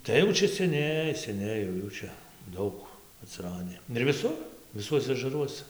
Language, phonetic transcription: Lithuanian, ˈtai jau ˈčia seˈniai seˈniai jau ˈjų čia ˈdaug atsiˈradi ir viˈsur viˈsuose ažaˈruosa

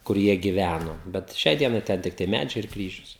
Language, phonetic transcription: Lithuanian, kur ˈjie giˈvæno bet ˈšiai ˈdienai ˈten ˈtiktai ˈmædžiai ir ˈkryžius

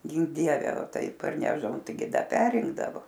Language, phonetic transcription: Lithuanian, ˈgink ˈdieve ˈtai parˈnešdavom tai ˈgi ˈda ˈperinkdavo

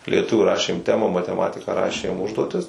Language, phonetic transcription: Lithuanian, lieˈtuvių ˈrašėm ˈtema mateˈmatika ˈrašėm ˈužduotis

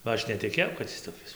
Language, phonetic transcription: Lithuanian, ba ˈaš netiˈkėjau kad ˈis toˈkis

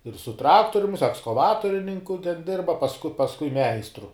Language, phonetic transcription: Lithuanian, ir su ˈtraktorium jis ekskaˈvatorininku ten ˈdirba pasˈku pasˈkui ˈmeistru

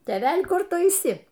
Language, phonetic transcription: Lithuanian, tėˈvel' ˈkur ˈtu aiˈsi

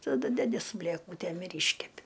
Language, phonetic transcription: Lithuanian, taˈdu ˈdedi su blėˈkūtėm ir ˈyškepi

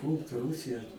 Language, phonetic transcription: Lithuanian, ˈpūlt ˈrūsija

